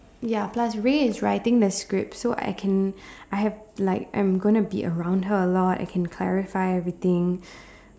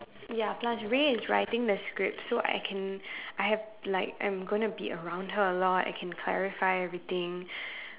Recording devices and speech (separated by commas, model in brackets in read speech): standing microphone, telephone, conversation in separate rooms